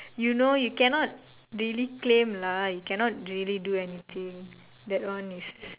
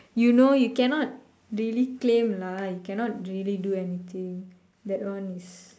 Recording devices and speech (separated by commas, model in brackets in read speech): telephone, standing microphone, conversation in separate rooms